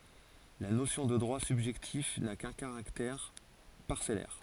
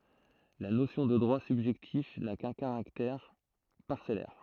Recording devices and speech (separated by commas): forehead accelerometer, throat microphone, read sentence